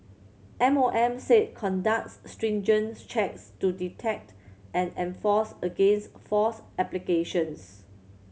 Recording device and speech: mobile phone (Samsung C7100), read sentence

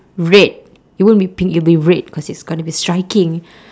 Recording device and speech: standing microphone, conversation in separate rooms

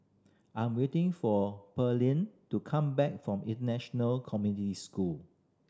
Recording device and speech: standing microphone (AKG C214), read sentence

